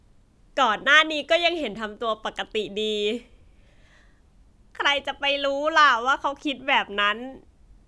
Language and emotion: Thai, happy